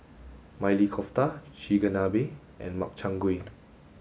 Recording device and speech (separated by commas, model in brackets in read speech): mobile phone (Samsung S8), read sentence